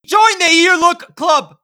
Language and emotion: English, neutral